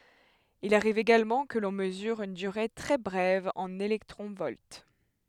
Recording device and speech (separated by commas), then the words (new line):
headset microphone, read sentence
Il arrive également que l'on mesure une durée très brève en électrons-volts.